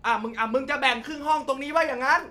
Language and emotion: Thai, angry